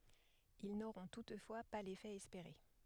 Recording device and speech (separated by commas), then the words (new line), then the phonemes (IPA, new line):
headset microphone, read sentence
Ils n'auront toutefois pas l'effet espéré.
il noʁɔ̃ tutfwa pa lefɛ ɛspeʁe